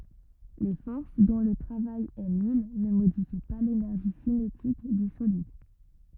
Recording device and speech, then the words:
rigid in-ear microphone, read sentence
Les forces dont le travail est nul ne modifient pas l'énergie cinétique du solide.

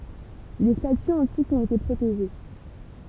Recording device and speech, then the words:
temple vibration pickup, read sentence
Les statues antiques ont été protégées.

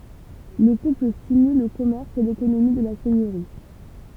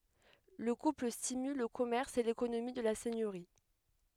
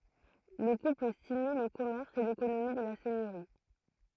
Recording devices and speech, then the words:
temple vibration pickup, headset microphone, throat microphone, read sentence
Le couple stimule le commerce et l’économie de la seigneurie.

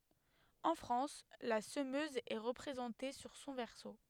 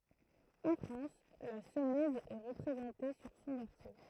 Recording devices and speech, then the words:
headset microphone, throat microphone, read sentence
En France, la semeuse est représentée sur son verso.

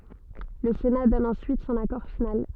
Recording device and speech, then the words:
soft in-ear microphone, read sentence
Le Sénat donne ensuite son accord final.

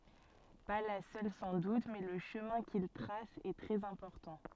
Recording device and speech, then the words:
soft in-ear microphone, read sentence
Pas la seule sans doute, mais le chemin qu'il trace est très important.

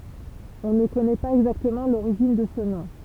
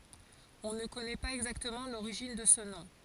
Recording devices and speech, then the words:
temple vibration pickup, forehead accelerometer, read sentence
On ne connaît pas exactement l'origine de ce nom.

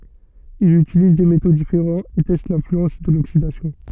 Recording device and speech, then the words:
soft in-ear microphone, read sentence
Il utilise des métaux différents et teste l'influence de l'oxydation.

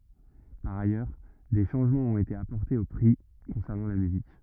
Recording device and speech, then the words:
rigid in-ear microphone, read sentence
Par ailleurs, des changements ont été apportés aux prix concernant la musique.

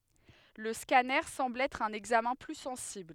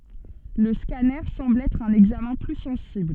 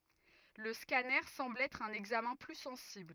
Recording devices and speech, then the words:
headset microphone, soft in-ear microphone, rigid in-ear microphone, read sentence
Le scanner semble être un examen plus sensible.

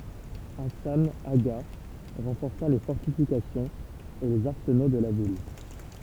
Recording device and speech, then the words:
temple vibration pickup, read sentence
Hassan Agha renforça les fortifications et les arsenaux de la ville.

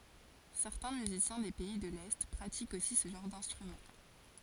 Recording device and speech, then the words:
forehead accelerometer, read sentence
Certains musiciens des pays de l'Est pratiquent aussi ce genre d'instrument.

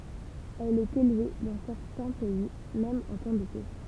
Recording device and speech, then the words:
temple vibration pickup, read sentence
Elle est élevée dans certains pays même en temps de paix.

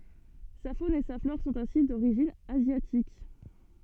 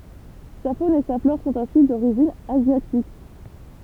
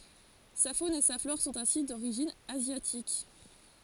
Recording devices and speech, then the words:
soft in-ear microphone, temple vibration pickup, forehead accelerometer, read sentence
Sa faune et sa flore sont ainsi d'origine asiatique.

